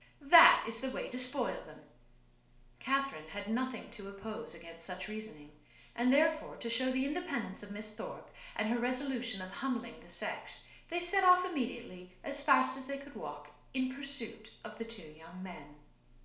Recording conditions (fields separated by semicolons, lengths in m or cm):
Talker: one person; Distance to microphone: 1.0 m; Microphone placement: close; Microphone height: 1.1 m; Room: small (3.7 m by 2.7 m); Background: none